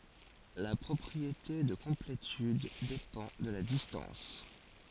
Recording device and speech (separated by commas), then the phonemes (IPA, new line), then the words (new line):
forehead accelerometer, read sentence
la pʁɔpʁiete də kɔ̃pletyd depɑ̃ də la distɑ̃s
La propriété de complétude dépend de la distance.